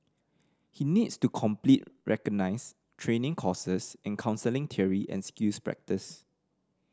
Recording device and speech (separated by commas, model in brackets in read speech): standing microphone (AKG C214), read sentence